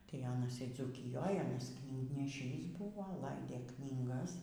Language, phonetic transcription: Lithuanian, tai ˈanas y dzūkiˈjoj ˈanas knygneˈšys ˈbuvo ˈlaidė ˈknygas

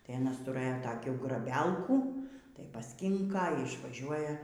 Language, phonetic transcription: Lithuanian, tai aˈnas tuˈrɘjo taˈkių graˈbelkų tai pasˈkinka y išvaˈžiuoja

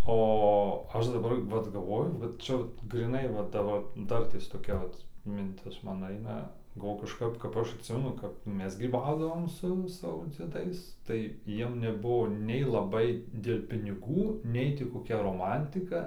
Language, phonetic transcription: Lithuanian, o ˈaš daˈbar vat galˈvoju ˈvat ˈčia vat gryˈnai va ˈdabar ˈdartės toˈkia ˈvat minˈtis ˈman ˈaina galˈvoju kažˈkap kap ˈaš atˈsimenu ˈkap ˈmes gryˈbaudavom su ˈsavo dzieˈdais tai ˈjiem neˈbuvo nei laˈbai dėl' piniˈgų ˈnei ti koˈkia roˈmantika

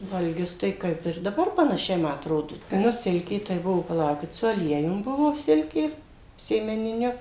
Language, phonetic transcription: Lithuanian, valˈgius ˈtai ˈkaip ir daˈbar panaˈšiai ˈma atˈrodu ˈnu ˈsilkė tai ˈbuvo paˈlaukit su aˈliejum ˈbuvo ˈsilkė sėmeniˈniu

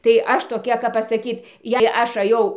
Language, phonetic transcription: Lithuanian, tai ˈaš toˈkia kap pasaˈkyt jei ˈaš aˈjau

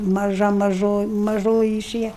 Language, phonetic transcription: Lithuanian, maˈža maˈžo maˈžoji iˈšėja

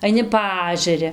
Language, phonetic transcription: Lithuanian, aiˈni ˈpaažeri

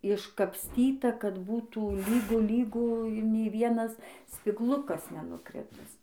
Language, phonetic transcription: Lithuanian, iškapsˈtyta kad ˈbūtų ˈlygu ˈlygu ˈnei ˈvienas spigˈlukas nenuˈkritis

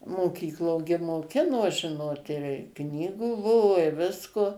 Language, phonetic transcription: Lithuanian, moˈkyklo gi moˈkino ˈžinot ir ˈknygų ˈbuvo i ˈvisko

